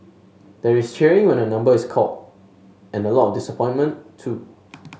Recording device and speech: mobile phone (Samsung S8), read sentence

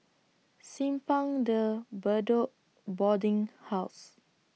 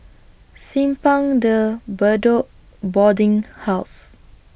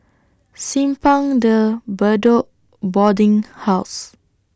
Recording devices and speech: mobile phone (iPhone 6), boundary microphone (BM630), standing microphone (AKG C214), read sentence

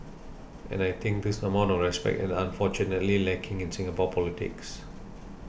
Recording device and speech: boundary microphone (BM630), read sentence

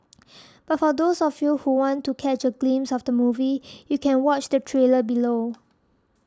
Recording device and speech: standing microphone (AKG C214), read sentence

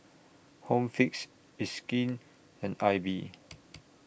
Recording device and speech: boundary microphone (BM630), read sentence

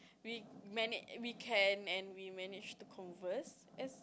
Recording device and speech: close-talking microphone, conversation in the same room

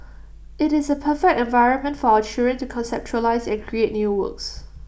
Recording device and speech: boundary microphone (BM630), read sentence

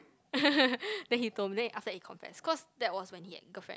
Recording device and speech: close-talking microphone, conversation in the same room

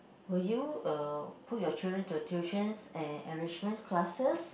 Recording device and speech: boundary microphone, conversation in the same room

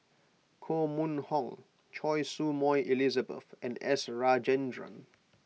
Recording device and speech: mobile phone (iPhone 6), read sentence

